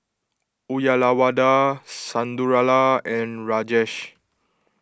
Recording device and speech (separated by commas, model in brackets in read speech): close-talking microphone (WH20), read sentence